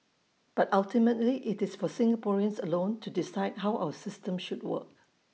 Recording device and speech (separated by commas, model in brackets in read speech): mobile phone (iPhone 6), read sentence